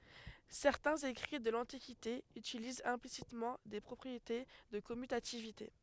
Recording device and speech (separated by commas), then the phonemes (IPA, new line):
headset microphone, read sentence
sɛʁtɛ̃z ekʁi də lɑ̃tikite ytilizt ɛ̃plisitmɑ̃ de pʁɔpʁiete də kɔmytativite